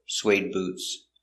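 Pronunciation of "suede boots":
In 'suede boots', the d at the end of 'suede' is a stop D, and 'suede' links to the next word, 'boots'.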